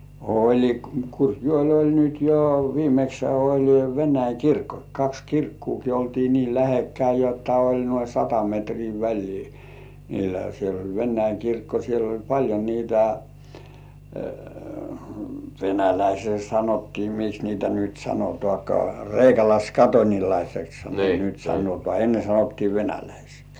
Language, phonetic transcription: Finnish, oĺi 'Kurkjŭòĺ 'oĺ nyt jo "viimekshä oĺ 'Veǹäi "kirkko 'kaks "kirkkuuki 'oltii nii "lähekkäi jotta oĺ nuoi "sata metrii 'väĺlii , niilä siel ‿oĺ "Vennäiŋ 'kirkko siel ‿oĺ paĺjo niitä , "venäläisii sanottii miks niitä nyt 'sanotŏàkŏà , "reikalaiskatońilaiseksha niitä 'sanotŏà "enne sanottii 'venäläisiks .
- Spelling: oli Kurkijoella oli nyt jo viimeksihän oli Venäjän kirkko kaksi kirkkoakin oltiin niin lähekkäin jotta oli noin sata metriä väliä niillä siellä oli Venäjän kirkko siellä oli paljon niitä venäläisiä sanottiin miksi niitä nyt sanotaankaan kreikkalaiskatolilaiseksihan niitä sanotaan ennen sanottiin venäläisiksi

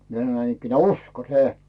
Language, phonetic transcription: Finnish, mie sᵃnoⁱ näinikkineä̀ » "usko 'se « ..
- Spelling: minä sanoin näinikään usko se

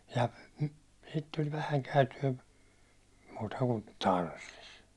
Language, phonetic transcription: Finnish, ja , sit tuĺ 'vähäŋ käyty₍ä , muuta kun , "Taarastis .
- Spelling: ja sitten tuli vähän käytyä muuta kuin Taarastissa

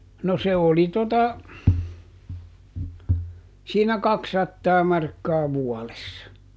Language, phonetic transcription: Finnish, no ˈse oli tota , siinä "kaksattaa ˈmarkkaa ˈvuɔlessa .
- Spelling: no se oli tuota siinä kaksisataa markkaa vuodessa

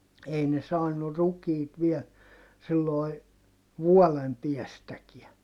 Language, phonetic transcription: Finnish, ei ne saannu rukiit viɛl , silloi , vuɔlem piɛstäkiä .
- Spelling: ei ne saanut rukiita vielä silloin vuoden päästäkään

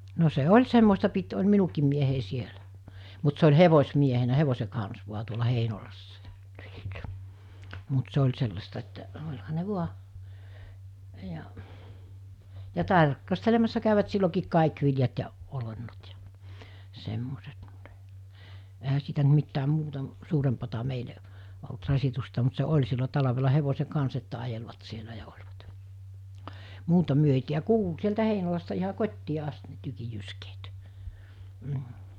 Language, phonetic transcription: Finnish, no se 'oĺ 'semmosta pit oĺ 'minukiim mie-hei 'sielä , mut se oĺ 'hevos̜miehenä 'hevose kans vua tuola 'Heinolassa (ja - -) , mut 'se oĺ sellasta että , 'oĺha ne 'vua , ja , ja 'tark- , -astelemassa kä̀yvät sillokiik 'kàik viljat ja , 'olennot ja , 'semmoset (mut) , ehä siitä ‿nt mittääm̆ 'muuta m- , 'suurempata 'meile , olt 'rasitusta mut se "oĺ sillo 'talavela 'hevose 'kans että 'ajelvat sielä ja oĺvat , 'muuta 'myö ei tiä- 'kuulu sieltä 'Heinolasta iha 'kot́tii ast ne 'tykij̆ jyskeet , m̥ .
- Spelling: no se oli semmoista piti oli minunkin mieheni siellä mutta se oli hevosmiehenä hevosen kanssa vain tuolla Heinolassa ja mutta se oli sellaista että olihan ne vain ja ja - tarkastelemassa kävivät silloinkin kaikki viljat ja olennot ja semmoiset mutta eihän siitä nyt mitään muuta - suurempaa meille ollut rasitusta mutta se oli silloin talvella hevosen kanssa että ajelivat siellä ja olivat muuta me ei - kuului sieltä Heinolasta ihan kotiin asti ne tykin jyskeet mm

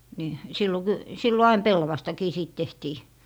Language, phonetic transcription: Finnish, ni , 'sillo ky- , 'sillo "ain 'pellavastakii 'siit 'tehtii .
- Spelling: niin silloin - silloin aina pellavastakin siitä tehtiin

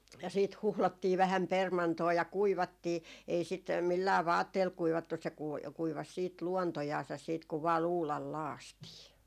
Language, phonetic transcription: Finnish, ja siit 'huhlottii 'vähäm 'permantoo ja "kuivattii , ei sit , 'millää "vaatteel 'kuivattus se kui- , kuivas siit 'luontojaasas siit kuv vaa "luulal "laastii .
- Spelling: ja sitten huuhdottiin vähän permantoa ja kuivattiin ei sitä millään vaatteella kuivattu se - kuivasi sitten luontojansa sitten kun vain luudalla lakaistiin

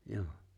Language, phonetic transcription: Finnish, 'jò .
- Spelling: jo

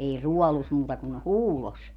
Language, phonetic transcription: Finnish, 'ei "ruɔlus muuta kun "huulos .
- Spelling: ei ruodussa muuta kuin huudossa

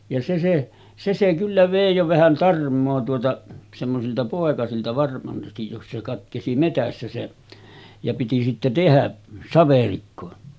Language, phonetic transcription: Finnish, ja se se , se se kyllä 'vèi jo vähän 'tarm̆moo tuota , semmosilta pòekasilta varmastij jos se katkesi 'metässä se , ja piti sitte 'tehä , 'saverikko .
- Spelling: ja se se se se kyllä vei jo vähän tarmoa tuota semmoisilta poikasilta varmasti jos se katkesi metsässä se ja piti sitten tehdä saverikko

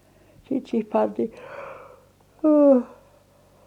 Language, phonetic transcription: Finnish, siit sih 'pantih ,.
- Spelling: siitä siihen pantiin

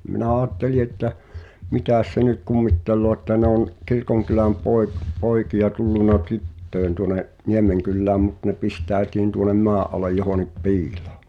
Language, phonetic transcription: Finnish, minä 'aatteli että , "mitä̀s se nyt 'kummittelloo ᵉttä nᵉ ‿òn , 'kirkoŋkyläm 'pòek- , 'poikija tulluna "tyt̀töen tuŏne’ , 'Niemeŋkyllääm mut ne 'pistä̀etiin tuonem "mɔa’ ’alej johonip "pi̬ilᴏᴏ .
- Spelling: minä ajattelin että mitäs se nyt kummittelee että ne on kirkonkylän - poikia tullut tyttöjen tuonne Niemenkylään mutta ne pistäytyi tuonne maan alle johonkin piiloon

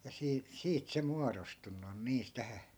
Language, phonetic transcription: Finnish, ja 'sii- , 'siit se 'muarostunnu on 'niis 'tähä .
- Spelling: ja - siitä se muodostunut on niissä tähän

